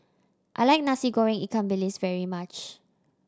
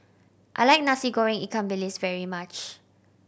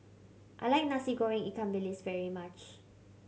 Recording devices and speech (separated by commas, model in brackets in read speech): standing microphone (AKG C214), boundary microphone (BM630), mobile phone (Samsung C7100), read sentence